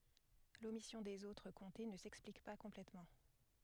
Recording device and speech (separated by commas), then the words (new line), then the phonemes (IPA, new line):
headset microphone, read sentence
L’omission des autres comtés ne s’explique pas complètement.
lomisjɔ̃ dez otʁ kɔ̃te nə sɛksplik pa kɔ̃plɛtmɑ̃